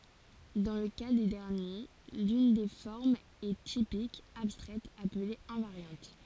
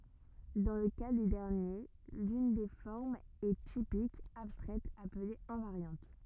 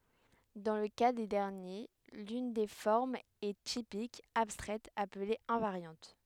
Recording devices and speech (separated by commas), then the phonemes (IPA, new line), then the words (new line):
forehead accelerometer, rigid in-ear microphone, headset microphone, read sentence
dɑ̃ lə ka de dɛʁnje lyn de fɔʁmz ɛ tipik abstʁɛt aple ɛ̃vaʁjɑ̃t
Dans le cas des derniers, l’une des formes est typique, abstraite, appelée invariante.